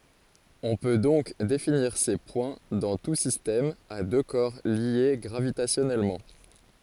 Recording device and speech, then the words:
forehead accelerometer, read sentence
On peut donc définir ces points dans tout système à deux corps liés gravitationnellement.

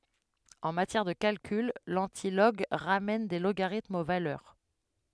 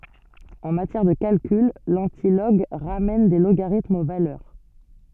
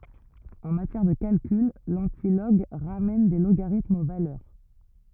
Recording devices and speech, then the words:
headset microphone, soft in-ear microphone, rigid in-ear microphone, read sentence
En matière de calcul, l'antilog ramène des logarithmes aux valeurs.

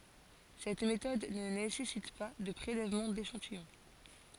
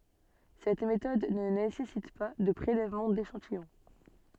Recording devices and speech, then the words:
forehead accelerometer, soft in-ear microphone, read sentence
Cette méthode ne nécessite pas de prélèvement d’échantillon.

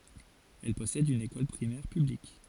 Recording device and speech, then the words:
forehead accelerometer, read sentence
Elle possède une école primaire publique.

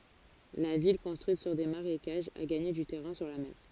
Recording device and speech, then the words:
forehead accelerometer, read sentence
La ville, construite sur des marécages, a gagné du terrain sur la mer.

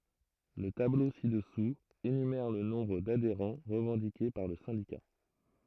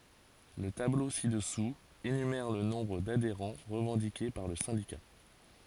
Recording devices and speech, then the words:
throat microphone, forehead accelerometer, read sentence
Le tableau ci-dessous, énumère le nombre d'adhérents revendiqué par le syndicat.

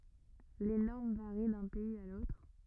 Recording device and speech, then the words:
rigid in-ear microphone, read sentence
Les normes varient d'un pays à l'autre.

